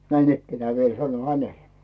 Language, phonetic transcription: Finnish, näinikkenää viel 'sanoⁱ 'hänelᴇ .
- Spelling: näinikään vielä sanoin hänelle

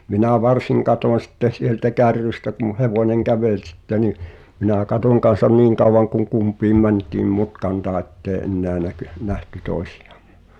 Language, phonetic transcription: Finnish, minä̀ 'varsiŋ katoⁱn̬ sitte sieltä "kärrystä kum̳ 'hevoneŋ "kävel sitte ni , minä̀ 'katòŋ kan̬san "niiŋ kauvaŋ kuŋ "kump̀iim 'mäń̳t̀iim 'mutkan taa ettee "’enneä näky- nähty 'tòisɪᴶᴀᴍᴍᴏ .
- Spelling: minä varsin katsoin sitten sieltä kärrystä kun hevonen käveli sitten niin minä katsoin kanssa niin kauan kuin kumpikin mentiin mutkan taakse että ei enää - nähty toisiamme

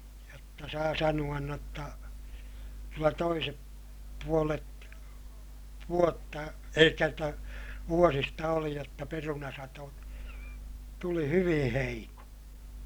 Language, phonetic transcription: Finnish, jotta saa sanu₍an n ‿otta , kyllä toisep puolet , vuotta elikkä jotta , vuosista oli jotta perunasato , tuli hyviḭ heiko .
- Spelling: jotta saa sanoa - jotta kyllä toiset puolet vuotta eli jotta vuosista oli jotta perunasato tuli hyvin heikko

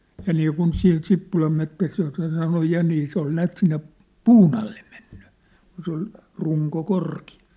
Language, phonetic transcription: Finnish, ja niikun 'sin 'Sippulam mettäs jossa sanoj 'ja nii se ‿ol 'näät sinne , "puun ‿alle meɴɴʏ , kun se ‿ol , 'ruŋko 'korki₍a .
- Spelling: ja niin kuin siinä Sippulan metsässä jossa sanoin ja niin se oli näet sinne puun alle mennyt kun se oli runko korkea

